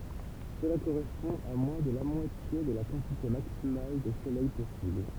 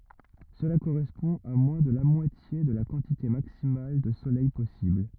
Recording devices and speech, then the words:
temple vibration pickup, rigid in-ear microphone, read sentence
Cela correspond à moins de la moitié de la quantité maximale de soleil possible.

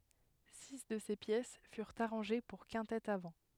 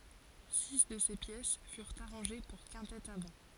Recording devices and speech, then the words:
headset microphone, forehead accelerometer, read sentence
Six de ces pièces furent arrangées pour quintette à vent.

